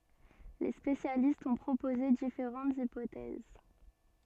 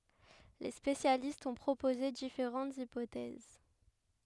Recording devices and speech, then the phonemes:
soft in-ear microphone, headset microphone, read sentence
le spesjalistz ɔ̃ pʁopoze difeʁɑ̃tz ipotɛz

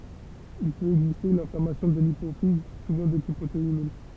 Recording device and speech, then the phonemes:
temple vibration pickup, read sentence
il pøt ɛɡziste yn ɛ̃flamasjɔ̃ də lipofiz suvɑ̃ də tip oto immœ̃

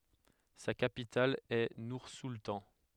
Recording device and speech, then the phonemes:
headset microphone, read sentence
sa kapital ɛ nuʁsultɑ̃

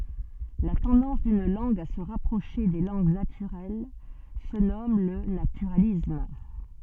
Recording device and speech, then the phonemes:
soft in-ear microphone, read sentence
la tɑ̃dɑ̃s dyn lɑ̃ɡ a sə ʁapʁoʃe de lɑ̃ɡ natyʁɛl sə nɔm lə natyʁalism

